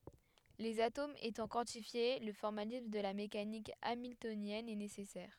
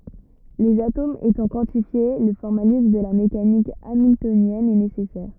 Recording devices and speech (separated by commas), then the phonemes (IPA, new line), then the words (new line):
headset microphone, rigid in-ear microphone, read sentence
lez atomz etɑ̃ kwɑ̃tifje lə fɔʁmalism də la mekanik amiltonjɛn ɛ nesɛsɛʁ
Les atomes étant quantifiés, le formalisme de la mécanique hamiltonienne est nécessaire.